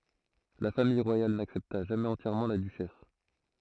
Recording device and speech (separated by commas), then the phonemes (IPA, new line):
throat microphone, read sentence
la famij ʁwajal naksɛpta ʒamɛz ɑ̃tjɛʁmɑ̃ la dyʃɛs